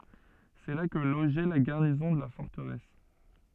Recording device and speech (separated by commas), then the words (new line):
soft in-ear microphone, read sentence
C’est là que logeait la garnison de la forteresse.